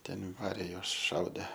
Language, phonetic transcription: Lithuanian, ˈten ˈvarė ˈjuos ˈšaudė

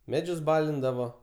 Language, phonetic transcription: Lithuanian, ˈmedžius ˈbalindavo

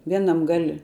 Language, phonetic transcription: Lithuanian, ˈvienam gal'

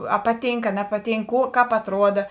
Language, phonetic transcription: Lithuanian, a ˈpaˌtynk a ˈnepaˌtynk ˈkų ˈkāp atˈruoda

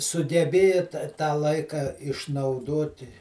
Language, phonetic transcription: Lithuanian, sugeˈbėja ta tą ˈlaika išnauˈdoti

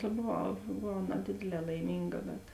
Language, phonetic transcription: Lithuanian, ta boˈvau boˈvau naˈdėdėˌlē laiˈmynga bet

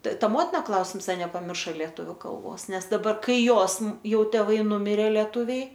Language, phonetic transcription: Lithuanian, t ˈta ˈmotina ˈklausims ˈa nepaˈmirša lieˈtuviu ˈkalbos ˈnes daˈbar ˈkai ˈjos ˈjau teˈvai ˈnumirė lėˈtuviai

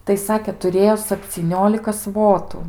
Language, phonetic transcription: Lithuanian, tai ˈsakė tuˈrėjo sapcyˈniolika ˈsvotu

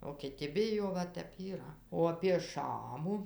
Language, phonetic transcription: Lithuanian, o kiˈti ˈbijo ˈva ˈtep yˈra o apie ˈšamu

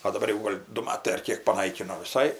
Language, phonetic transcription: Lithuanian, o daˈbar jau ˈgol' du ˈmatai ar ˈkėk paˈnaikino viˈsai

